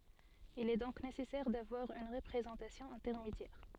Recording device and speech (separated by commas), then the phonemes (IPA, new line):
soft in-ear microphone, read sentence
il ɛ dɔ̃k nesɛsɛʁ davwaʁ yn ʁəpʁezɑ̃tasjɔ̃ ɛ̃tɛʁmedjɛʁ